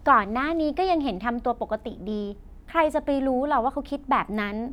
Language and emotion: Thai, happy